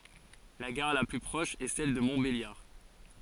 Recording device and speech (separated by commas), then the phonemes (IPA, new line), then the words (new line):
forehead accelerometer, read sentence
la ɡaʁ la ply pʁɔʃ ɛ sɛl də mɔ̃tbeljaʁ
La gare la plus proche est celle de Montbéliard.